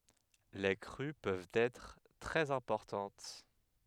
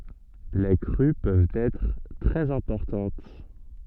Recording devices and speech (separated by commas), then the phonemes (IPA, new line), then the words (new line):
headset microphone, soft in-ear microphone, read sentence
le kʁy pøvt ɛtʁ tʁɛz ɛ̃pɔʁtɑ̃t
Les crues peuvent être très importantes.